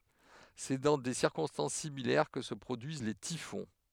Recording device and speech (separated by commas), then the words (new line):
headset microphone, read sentence
C'est dans des circonstances similaires que se produisent les typhons.